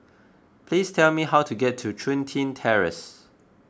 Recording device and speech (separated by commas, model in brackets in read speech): close-talking microphone (WH20), read sentence